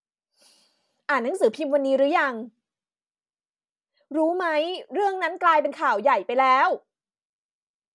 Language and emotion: Thai, frustrated